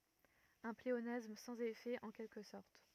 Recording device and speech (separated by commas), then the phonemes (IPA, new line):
rigid in-ear microphone, read sentence
œ̃ pleonasm sɑ̃z efɛ ɑ̃ kɛlkə sɔʁt